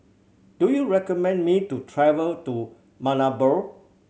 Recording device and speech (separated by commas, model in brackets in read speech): mobile phone (Samsung C7100), read sentence